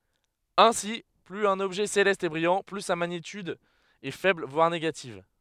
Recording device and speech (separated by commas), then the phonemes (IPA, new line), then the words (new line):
headset microphone, read sentence
ɛ̃si plyz œ̃n ɔbʒɛ selɛst ɛ bʁijɑ̃ ply sa maɲityd ɛ fɛbl vwaʁ neɡativ
Ainsi, plus un objet céleste est brillant, plus sa magnitude est faible voire négative.